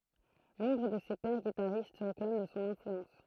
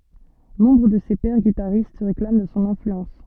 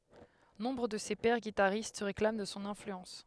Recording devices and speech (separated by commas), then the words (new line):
throat microphone, soft in-ear microphone, headset microphone, read sentence
Nombre de ses pairs guitaristes se réclament de son influence.